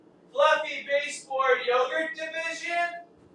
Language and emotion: English, sad